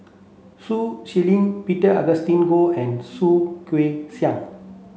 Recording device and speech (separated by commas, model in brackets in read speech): mobile phone (Samsung C7), read sentence